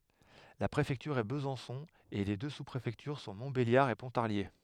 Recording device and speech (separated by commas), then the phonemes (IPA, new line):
headset microphone, read sentence
la pʁefɛktyʁ ɛ bəzɑ̃sɔ̃ e le dø su pʁefɛktyʁ sɔ̃ mɔ̃tbeljaʁ e pɔ̃taʁlje